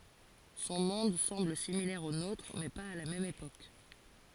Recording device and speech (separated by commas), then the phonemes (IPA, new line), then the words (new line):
forehead accelerometer, read sentence
sɔ̃ mɔ̃d sɑ̃bl similɛʁ o notʁ mɛ paz a la mɛm epok
Son monde semble similaire au nôtre, mais pas à la même époque.